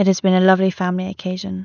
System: none